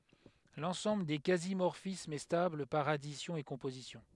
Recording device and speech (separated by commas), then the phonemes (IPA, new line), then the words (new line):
headset microphone, read sentence
lɑ̃sɑ̃bl de kazi mɔʁfismz ɛ stabl paʁ adisjɔ̃ e kɔ̃pozisjɔ̃
L'ensemble des quasi-morphismes est stable par addition et composition.